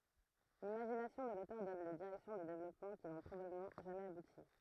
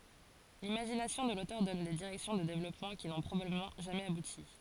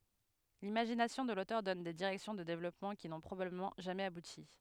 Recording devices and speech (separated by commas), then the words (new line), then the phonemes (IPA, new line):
throat microphone, forehead accelerometer, headset microphone, read sentence
L'imagination de l'auteur donne des directions de développement qui n'ont probablement jamais abouti.
limaʒinasjɔ̃ də lotœʁ dɔn de diʁɛksjɔ̃ də devlɔpmɑ̃ ki nɔ̃ pʁobabləmɑ̃ ʒamɛz abuti